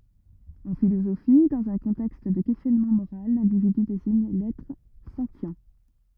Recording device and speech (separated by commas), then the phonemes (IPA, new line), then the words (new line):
rigid in-ear microphone, read sentence
ɑ̃ filozofi dɑ̃z œ̃ kɔ̃tɛkst də kɛstjɔnmɑ̃ moʁal lɛ̃dividy deziɲ lɛtʁ sɑ̃tjɛ̃
En philosophie, dans un contexte de questionnement moral, l'individu désigne l'être sentient.